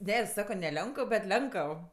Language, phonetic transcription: Lithuanian, ˈne i ˈsako ne ˈlionkəv bet ˈlenkəv

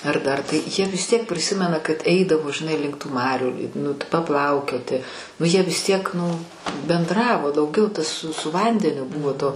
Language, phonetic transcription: Lithuanian, ar ˈdar tai jie vis tiek priˈsimena kad ˈeidavo žiˈnai link tų ˈmarių nu paˈplaukioti nu ˈjie vis ˈtiek nu benˈdravo dauˈgiau tas s su ˈvandeniu ˈbuvo to

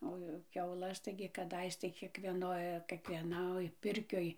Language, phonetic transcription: Lithuanian, o ˈjau kiauˈlas ˈtaigi kaˈdais tai kiekˈvienoj kiekvieˈnoj ˈpirkioj

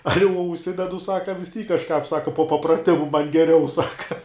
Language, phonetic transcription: Lithuanian, ˈali uo užˈsidedu ˈsaka vis ˈtyk kažˈkāp ˈsaka po papraˈtimu man geˈriau ˈsaka

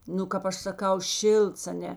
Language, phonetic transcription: Lithuanian, ˈnu kap ˈaš saˈkau ˈšilts aˈne

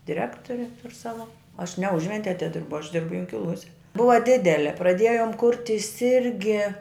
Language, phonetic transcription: Lithuanian, diˈrektori tur ˈsava aš ne ˈužventije atiˈdirbu aš ˈdirbu junkiˈluose ˈbuva ˈdidele praˈdėjom ˈkurtis ˈirgi

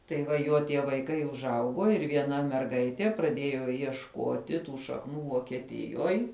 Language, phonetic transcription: Lithuanian, tai ˈva ˈjuo tie vaiˈkai užˈauguo ir vieˈna merˈgaitie praˈdėjo iešˈkoti ˈtų šakˈnų vokieˈtijoj

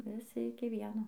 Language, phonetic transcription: Lithuanian, viˈsi iki ˈvieno

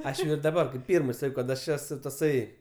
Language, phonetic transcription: Lithuanian, ˈaš jau ir daˈbar ˈpyrmɜ ˈsakiau kad aš ˈesu taˈsai

